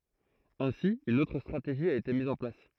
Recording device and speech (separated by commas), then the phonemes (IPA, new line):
throat microphone, read sentence
ɛ̃si yn otʁ stʁateʒi a ete miz ɑ̃ plas